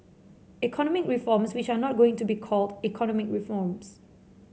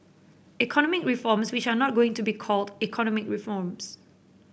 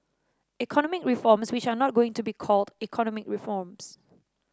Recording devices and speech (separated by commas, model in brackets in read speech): mobile phone (Samsung C7), boundary microphone (BM630), standing microphone (AKG C214), read sentence